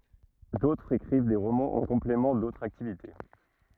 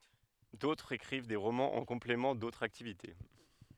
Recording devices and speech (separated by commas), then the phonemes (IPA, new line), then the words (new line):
rigid in-ear microphone, headset microphone, read sentence
dotʁz ekʁiv de ʁomɑ̃z ɑ̃ kɔ̃plemɑ̃ dotʁz aktivite
D'autres écrivent des romans en complément d'autres activités.